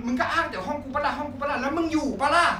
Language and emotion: Thai, angry